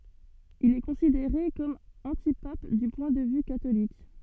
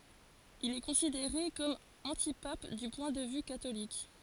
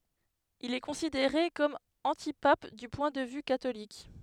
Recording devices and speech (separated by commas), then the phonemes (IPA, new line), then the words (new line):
soft in-ear microphone, forehead accelerometer, headset microphone, read sentence
il ɛ kɔ̃sideʁe kɔm ɑ̃tipap dy pwɛ̃ də vy katolik
Il est considéré comme antipape du point de vue catholique.